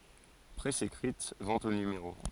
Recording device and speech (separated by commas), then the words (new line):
forehead accelerometer, read sentence
Presse écrite, vente au numéro.